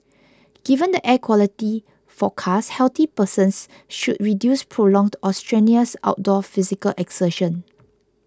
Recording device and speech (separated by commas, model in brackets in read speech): close-talking microphone (WH20), read sentence